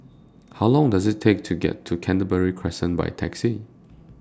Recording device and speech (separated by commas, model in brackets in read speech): standing microphone (AKG C214), read sentence